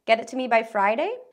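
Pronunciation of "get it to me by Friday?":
'Get it to me by Friday' is said with rising intonation, so it sounds like a question or an uncertain request rather than a command.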